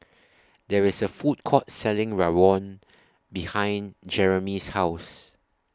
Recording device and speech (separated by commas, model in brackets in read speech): standing microphone (AKG C214), read sentence